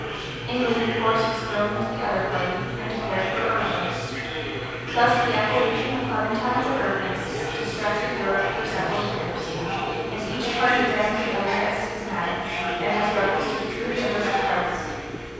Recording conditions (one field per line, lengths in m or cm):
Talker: one person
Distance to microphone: 7.1 m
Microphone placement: far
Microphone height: 1.7 m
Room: very reverberant, large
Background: babble